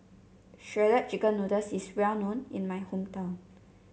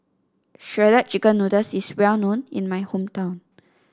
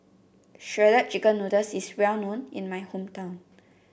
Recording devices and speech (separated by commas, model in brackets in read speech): mobile phone (Samsung C7), standing microphone (AKG C214), boundary microphone (BM630), read sentence